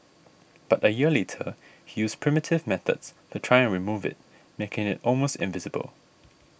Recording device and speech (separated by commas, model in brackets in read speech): boundary microphone (BM630), read sentence